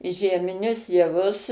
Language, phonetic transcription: Lithuanian, žiemiˈnius jaˈvus

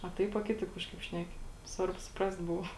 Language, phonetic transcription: Lithuanian, a ˈtaip a ˈkitaip ˈkažkaip ˈšneki ˈsvarbu suˈprast ˈbuva

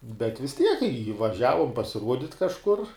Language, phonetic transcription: Lithuanian, bet vis ˈtiek i vaˈžiavum pasiˈruodit' kažˈkur

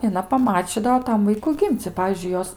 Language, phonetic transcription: Lithuanian, i aˈna paˈmačydavo ˈtam ˈvaiku ˈgim'c' i ˈpavyzdžiui ˈjos

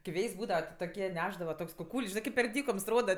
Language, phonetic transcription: Lithuanian, ki ˈvėjs' ˈbūdava ti toˈkie ˈnešdava ˈtoks kuˈkūl's' ˈžinɜ kip per ˈdykoms ˈroda

